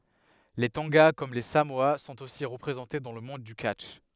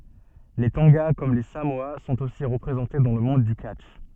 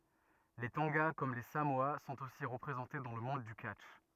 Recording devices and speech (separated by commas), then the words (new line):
headset microphone, soft in-ear microphone, rigid in-ear microphone, read sentence
Les Tonga, comme les Samoa, sont aussi représentés dans le monde du catch.